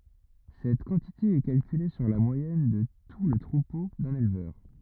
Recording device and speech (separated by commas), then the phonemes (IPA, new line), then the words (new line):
rigid in-ear microphone, read sentence
sɛt kɑ̃tite ɛ kalkyle syʁ la mwajɛn də tu lə tʁupo dœ̃n elvœʁ
Cette quantité est calculée sur la moyenne de tout le troupeau d'un éleveur.